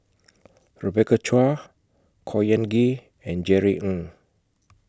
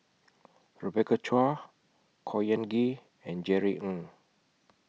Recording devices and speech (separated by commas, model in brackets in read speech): close-talking microphone (WH20), mobile phone (iPhone 6), read sentence